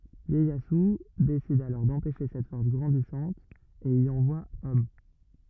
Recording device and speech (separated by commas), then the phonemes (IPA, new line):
rigid in-ear microphone, read sentence
jɛjazy desid alɔʁ dɑ̃pɛʃe sɛt fɔʁs ɡʁɑ̃disɑ̃t e i ɑ̃vwa ɔm